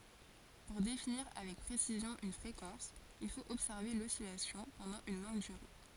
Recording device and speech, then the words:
forehead accelerometer, read sentence
Pour définir avec précision une fréquence, il faut observer l'oscillation pendant une longue durée.

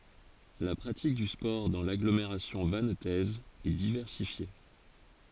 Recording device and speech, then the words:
forehead accelerometer, read sentence
La pratique du sport dans l'agglomération vannetaise est diversifiée.

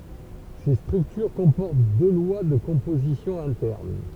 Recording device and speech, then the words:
temple vibration pickup, read sentence
Ces structures comportent deux lois de composition internes.

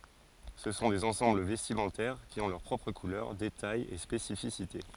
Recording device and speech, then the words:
forehead accelerometer, read sentence
Ce sont des ensembles vestimentaires qui ont leurs propres couleurs, détails et spécificités.

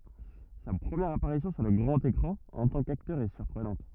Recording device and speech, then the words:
rigid in-ear microphone, read sentence
Sa première apparition sur le grand écran en tant qu'acteur est surprenante.

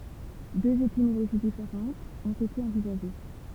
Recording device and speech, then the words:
temple vibration pickup, read sentence
Deux étymologies différentes ont été envisagées.

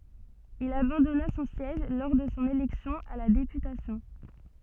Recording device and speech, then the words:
soft in-ear microphone, read sentence
Il abandonna son siège lors de son élection à la députation.

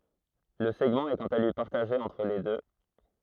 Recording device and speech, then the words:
throat microphone, read sentence
Le segment est quant à lui partagé entre les deux.

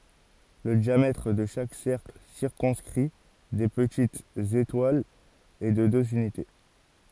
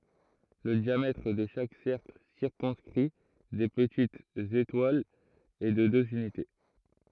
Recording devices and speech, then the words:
forehead accelerometer, throat microphone, read sentence
Le diamètre de chaque cercle circonscrit des petites étoiles est de deux unités.

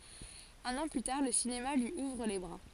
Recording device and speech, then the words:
forehead accelerometer, read sentence
Un an plus tard, le cinéma lui ouvre les bras.

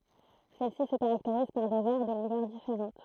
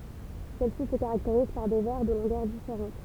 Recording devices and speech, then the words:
throat microphone, temple vibration pickup, read sentence
Celles-ci se caractérisent par des vers de longueurs différentes.

